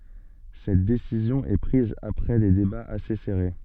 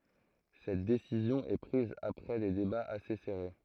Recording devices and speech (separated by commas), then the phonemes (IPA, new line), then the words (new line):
soft in-ear microphone, throat microphone, read sentence
sɛt desizjɔ̃ ɛ pʁiz apʁɛ de debaz ase sɛʁe
Cette décision est prise après des débats assez serrés.